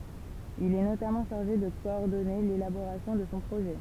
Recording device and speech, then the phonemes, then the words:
temple vibration pickup, read sentence
il ɛ notamɑ̃ ʃaʁʒe də kɔɔʁdɔne lelaboʁasjɔ̃ də sɔ̃ pʁoʒɛ
Il est notamment chargé de coordonner l'élaboration de son projet.

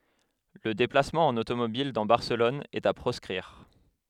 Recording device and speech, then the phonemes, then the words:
headset microphone, read sentence
lə deplasmɑ̃ ɑ̃n otomobil dɑ̃ baʁsəlɔn ɛt a pʁɔskʁiʁ
Le déplacement en automobile dans Barcelone est à proscrire.

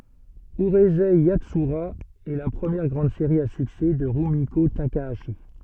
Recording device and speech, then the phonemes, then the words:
soft in-ear microphone, read sentence
yʁyzɛ jatsyʁa ɛ la pʁəmjɛʁ ɡʁɑ̃d seʁi a syksɛ də ʁymiko takaaʃi
Urusei Yatsura est la première grande série à succès de Rumiko Takahashi.

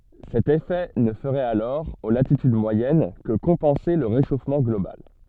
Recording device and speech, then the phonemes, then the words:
soft in-ear microphone, read sentence
sɛt efɛ nə fəʁɛt alɔʁ o latityd mwajɛn kə kɔ̃pɑ̃se lə ʁeʃofmɑ̃ ɡlobal
Cet effet ne ferait alors, aux latitudes moyennes, que compenser le réchauffement global.

